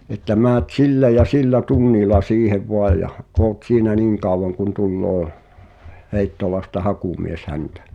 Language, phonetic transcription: Finnish, että määt 'sillä ja 'sillä "tunnila siihev 'voaj̆ jah , oot 'siinä "niiŋ kàuwaŋ kun tulloo , 'Heittolasta "hakumies 'häntᴀ̈ « .
- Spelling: että menet sillä ja sillä tunnilla siihen vain ja olet siinä niin kauan kuin tulee Heittolasta hakumies häntä

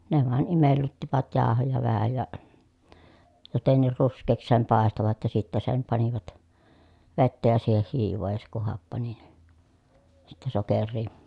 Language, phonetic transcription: Finnish, ne vàen imellyttivät jaahoja vähä ja , jotenniir rusk̆keeks sem pàestovat ja sittä sem panivat , vettä ja siiheh hiivoo ja se kuh happani ni , sittɛ soker̆rii .
- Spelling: ne vain imellyttivät jauhoja vähän ja jotenkin ruskeaksi sen paistoivat ja sitten sen panivat vettä ja siihen hiivaa ja se kun happani niin sitten sokeria

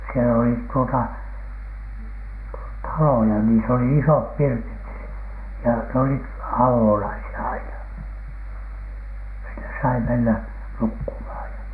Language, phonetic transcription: Finnish, sielä oli tuota , "taloja niis ‿oli "isop "pirtit si- , ja n ‿olit "avònaisi₍a 'aina , sinnes sai mennä 'nukkumhàj ja .
- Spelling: siellä oli tuota taloja niissä oli isot pirtit - ja ne olivat avonaisia aina sinne sai mennä nukkumaan ja

